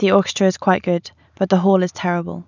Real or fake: real